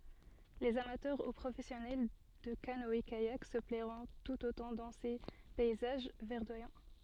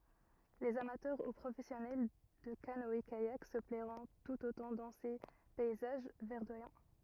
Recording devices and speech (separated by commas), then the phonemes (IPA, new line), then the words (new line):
soft in-ear microphone, rigid in-ear microphone, read sentence
lez amatœʁ u pʁofɛsjɔnɛl də kanɔɛkajak sə plɛʁɔ̃ tut otɑ̃ dɑ̃ se pɛizaʒ vɛʁdwajɑ̃
Les amateurs ou professionnels de canoë-kayak se plairont tout autant dans ces paysages verdoyants.